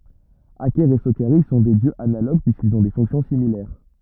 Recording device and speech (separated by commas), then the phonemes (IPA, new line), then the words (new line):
rigid in-ear microphone, read sentence
akɛʁ e sokaʁis sɔ̃ dø djøz analoɡ pyiskilz ɔ̃ de fɔ̃ksjɔ̃ similɛʁ
Aker et Sokaris sont deux dieux analogues puisqu’ils ont des fonctions similaires.